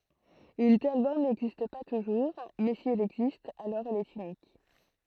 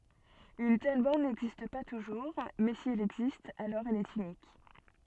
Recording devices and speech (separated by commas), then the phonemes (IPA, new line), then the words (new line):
throat microphone, soft in-ear microphone, read sentence
yn tɛl bɔʁn nɛɡzist pa tuʒuʁ mɛ si ɛl ɛɡzist alɔʁ ɛl ɛt ynik
Une telle borne n'existe pas toujours, mais si elle existe alors elle est unique.